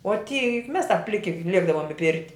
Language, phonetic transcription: Lithuanian, o ty juk mes tap ˈpliki ˈliekdavom i ˈpirti

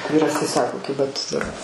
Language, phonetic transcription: Lithuanian, ˈvyras tai ˈsako ˈkiba tu dur

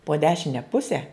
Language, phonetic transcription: Lithuanian, po ˈdešine ˈpuse

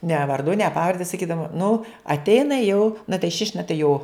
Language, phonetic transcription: Lithuanian, ne varˈdu ne ˈpavarde saˈkydavom nu atˈeina jau na tai šiš' na tai jo

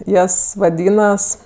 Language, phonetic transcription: Lithuanian, ˈjas vaˈdynas

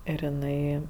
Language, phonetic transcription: Lithuanian, ir iˈnai

